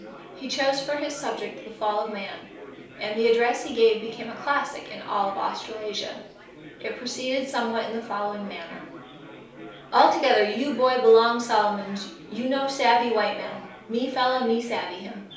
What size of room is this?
A small space (about 3.7 m by 2.7 m).